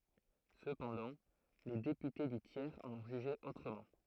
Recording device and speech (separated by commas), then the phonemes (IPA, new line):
throat microphone, read sentence
səpɑ̃dɑ̃ le depyte dy tjɛʁz ɑ̃n ɔ̃ ʒyʒe otʁəmɑ̃